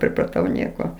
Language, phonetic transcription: Lithuanian, pripraˈtau ˈnieko

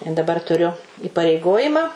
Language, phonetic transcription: Lithuanian, i daˈbar tuˈriu įpareiˈgojimą

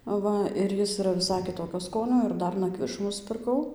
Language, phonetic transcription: Lithuanian, ˈva ir ˈjis iˈra viˈsai kiˈtokio ˈskonio ir ˈdar naˈkvišų nuspirˈkau

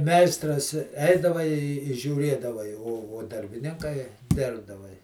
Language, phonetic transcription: Lithuanian, ˈmeistras ˈeidava i žiūˈrėdava i o o darbiˈninkai ˈdirbdava i

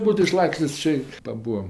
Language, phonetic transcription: Lithuanian, ˈbūtu iˈšlakstės' ˈčė paˈbūam

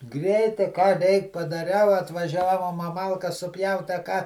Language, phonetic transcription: Lithuanian, ˈgreitai ką ˈreik padaˈriau atvaˈžiavom a ˈmalkas suˈpjaut a ˈką

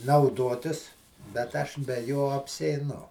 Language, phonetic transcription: Lithuanian, nauˈdotis bet ˈaš be ˈjo apsieiˈnu

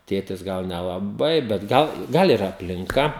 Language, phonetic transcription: Lithuanian, ˈtėtis ˈgal nelaˈbai bet ˈgal ˈgal ir aplinˈka

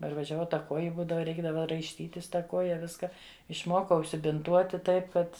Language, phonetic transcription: Lithuanian, parvažiaˈvau ˈta ˈkuoji ˈbūdava ˈreikdava raišˈtytis ˈta ˈkoja ˈviska išˈmokau užsibinˈtuoti ˈtaip ˈkad

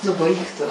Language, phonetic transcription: Lithuanian, ˈnu ˈbaik tu

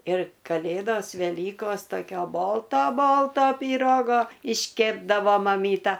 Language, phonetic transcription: Lithuanian, ir kaˈlėdos veˈlykos toˈkio ˈbolto ˈbolto pyˈrogo išˈkėpdavo maˈmyta

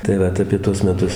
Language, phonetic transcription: Lithuanian, tai ˈvat apie ˈtuos meˈtus

